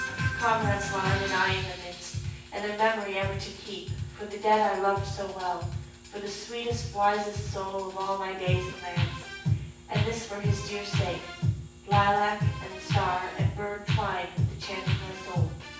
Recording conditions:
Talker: one person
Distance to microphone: 9.8 m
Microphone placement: far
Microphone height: 1.8 m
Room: large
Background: music

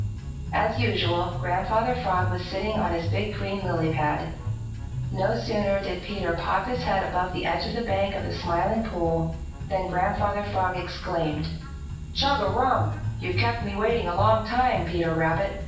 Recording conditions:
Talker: one person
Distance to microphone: 9.8 m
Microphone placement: far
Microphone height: 1.8 m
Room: large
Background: music

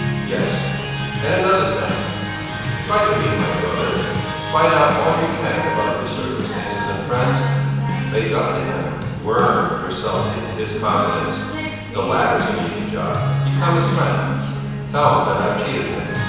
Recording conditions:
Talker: one person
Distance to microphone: 7.1 m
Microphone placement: far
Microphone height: 1.7 m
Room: very reverberant, large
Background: music

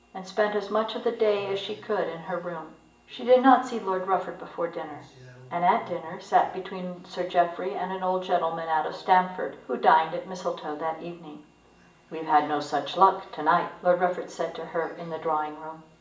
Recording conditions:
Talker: one person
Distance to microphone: 1.8 m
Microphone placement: close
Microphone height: 1.0 m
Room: large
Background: television

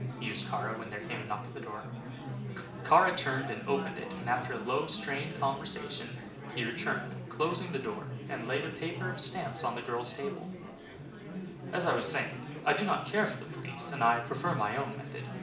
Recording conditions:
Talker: one person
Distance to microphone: 2.0 m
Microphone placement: close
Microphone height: 99 cm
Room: medium-sized (5.7 m by 4.0 m)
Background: babble

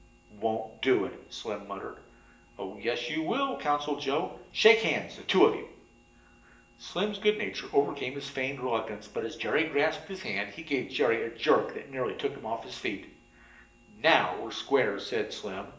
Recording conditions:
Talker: one person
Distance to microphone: 1.8 m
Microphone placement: close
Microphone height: 1.0 m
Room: large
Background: none

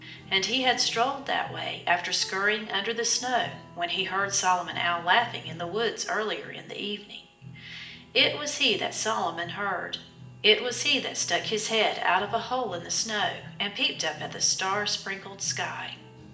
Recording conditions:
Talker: one person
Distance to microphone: 1.8 m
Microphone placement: close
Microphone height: 1.0 m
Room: large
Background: music

